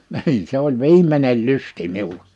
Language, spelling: Finnish, niin se oli viimeinen lysti minulla
- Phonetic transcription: nhi̬in s ‿oĺ "viim̀enel "lysti 'miul(a) .

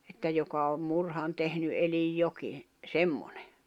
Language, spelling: Finnish, että joka on murhan tehnyt eli jokin semmoinen
- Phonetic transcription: että joka om 'murhan tehny ’elij 'joki , 'semmoɴᴇ .

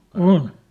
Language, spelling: Finnish, on
- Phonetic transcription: òn .

